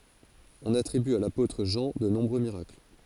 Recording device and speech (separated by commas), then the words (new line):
forehead accelerometer, read sentence
On attribue à l'apôtre Jean de nombreux miracles.